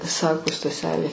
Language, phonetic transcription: Lithuanian, ˈsako staˈselė

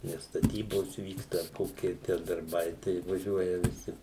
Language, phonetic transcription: Lithuanian, nes staˈtybosˈ vyksta ar ˈkoki tę darˈbai tai vaˈžiuoja viˈsi

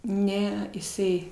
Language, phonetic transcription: Lithuanian, ˈne isˈai

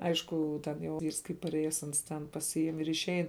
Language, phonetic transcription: Lithuanian, ˈaišku ten jau ˈvyrs kai paˈrėjes ˈans ten paˈsijim ir išˈein

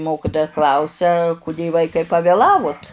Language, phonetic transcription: Lithuanian, ˈmokitoja ˈklausia kuˈdė ˈvaikai pavėˈlavut

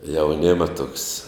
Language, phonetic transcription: Lithuanian, jauˈnėma tuoks

